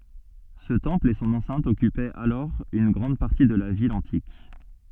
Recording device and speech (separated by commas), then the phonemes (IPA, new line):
soft in-ear microphone, read sentence
sə tɑ̃pl e sɔ̃n ɑ̃sɛ̃t ɔkypɛt alɔʁ yn ɡʁɑ̃d paʁti də la vil ɑ̃tik